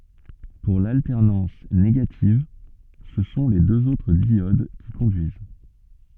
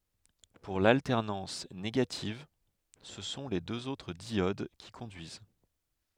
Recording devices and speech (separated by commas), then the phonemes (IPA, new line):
soft in-ear microphone, headset microphone, read sentence
puʁ laltɛʁnɑ̃s neɡativ sə sɔ̃ le døz otʁ djod ki kɔ̃dyiz